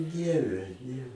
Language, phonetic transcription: Lithuanian, ˈdieve ne

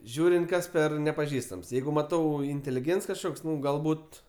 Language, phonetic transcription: Lithuanian, ˈžiūrint ˈkas ˈper nepaˈžįstams ˈjeigu maˈtau intėliˈgėnts kažˈkoks ˈnu galˈbūt

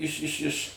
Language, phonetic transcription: Lithuanian, ˈiš iš iš

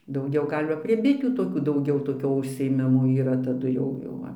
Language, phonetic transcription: Lithuanian, dauˈgiau ˈgal' va prie ˈbitių toˈkių dauˈgiau toˈkio užsiėˈmimo yˈra taˈdu jau ˈjau va

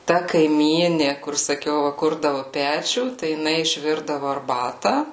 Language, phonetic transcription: Lithuanian, ta kaiˈmyni kur saˈkiau va ˈkurdavu ˈpečių tai jiˈnai išˈvirdavo arˈbata

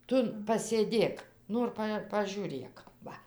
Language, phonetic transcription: Lithuanian, ˈtu pasėˈdėk ˈnor pa pažiūˈrėk ˈva

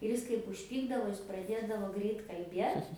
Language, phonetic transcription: Lithuanian, ir ˈis kaip užˈpykdavo ˈjis praˈdėdavo ˈgreit kalˈbiet

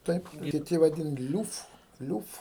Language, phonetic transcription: Lithuanian, ˈtaip kiˈti vaˈdin ˈliūf ˈliūf

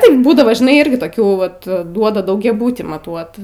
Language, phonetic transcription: Lithuanian, ˈtaip ˈbūdavo žiˈnai ˈirgi toˈkių ˈvat ˈduoda daugiaˈbutį maˈtuot

